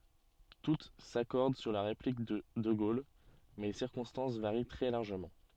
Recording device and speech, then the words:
soft in-ear microphone, read sentence
Toutes s'accordent sur la réplique de de Gaulle, mais les circonstances varient très largement.

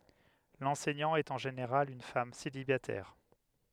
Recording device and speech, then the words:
headset microphone, read sentence
L'enseignant est en général une femme célibataire.

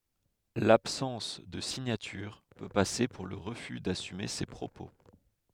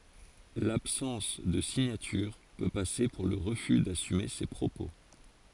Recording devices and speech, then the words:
headset microphone, forehead accelerometer, read sentence
L'absence de signature peut passer pour le refus d'assumer ses propos.

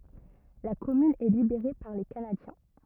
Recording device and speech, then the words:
rigid in-ear microphone, read sentence
La commune est libérée par les Canadiens.

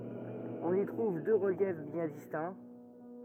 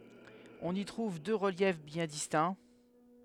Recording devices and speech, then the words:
rigid in-ear microphone, headset microphone, read sentence
On y trouve deux reliefs bien distincts.

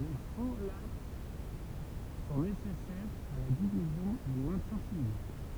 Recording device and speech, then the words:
temple vibration pickup, read sentence
Les folates sont nécessaires à la division et au maintien cellulaire.

